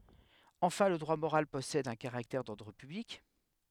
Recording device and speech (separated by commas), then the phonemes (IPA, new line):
headset microphone, read sentence
ɑ̃fɛ̃ lə dʁwa moʁal pɔsɛd œ̃ kaʁaktɛʁ dɔʁdʁ pyblik